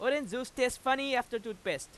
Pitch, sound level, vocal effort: 250 Hz, 97 dB SPL, very loud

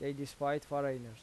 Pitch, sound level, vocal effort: 140 Hz, 86 dB SPL, normal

